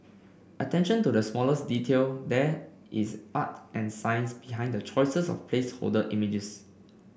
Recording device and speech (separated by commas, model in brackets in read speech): boundary microphone (BM630), read sentence